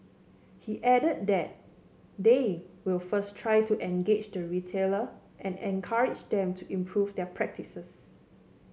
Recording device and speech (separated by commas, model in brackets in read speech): mobile phone (Samsung C7), read sentence